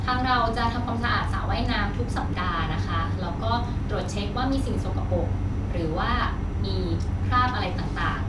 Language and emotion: Thai, neutral